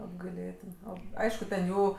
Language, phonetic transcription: Lithuanian, apgaiˈlėtin ˈo ˈaišku ten ˈjų

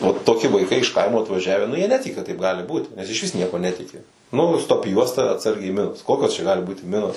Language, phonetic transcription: Lithuanian, o toˈki vaiˈkai iš ˈkaimo atvaˈžiavę nu jie ˈnetiki kad taip ˈgali ˈbūt nes išˈvis ˈniekuo ˈnetiki nu stop ˈjuosta atˈsargiai minos ˈkokios čia ˈgali ˈbūti ˈminos

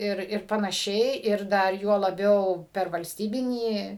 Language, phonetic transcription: Lithuanian, ˈir ir panaˈšiai ir ˈdar juo laˈbiau per valsˈtybinį

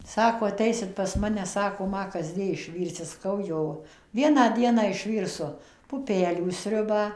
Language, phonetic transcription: Lithuanian, ˈsako aˈteisit pas ˈmane ˈsako ˈma kasˈdie išˈvyrsi saˈkau ˈjo ˈvieną ˈdieną išˈvyrsu puˈpelių ˈsriubą

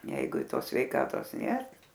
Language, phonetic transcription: Lithuanian, ˈjeigu i ˈtos sveiˈkatos ˈnėr

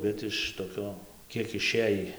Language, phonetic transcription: Lithuanian, ˈbet iš toˈkio ˈkiek iˈšėjį

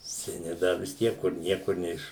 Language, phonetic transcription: Lithuanian, seˈni ˈda vis ˈtiek kur ˈniekur ˈneiš

